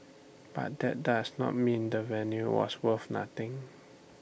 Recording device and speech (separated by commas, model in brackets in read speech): boundary microphone (BM630), read sentence